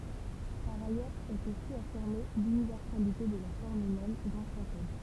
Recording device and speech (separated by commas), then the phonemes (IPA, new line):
temple vibration pickup, read sentence
paʁ ajœʁz ɛt osi afiʁme lynivɛʁsalite də la fɔʁm ymɛn dɑ̃ ʃak ɔm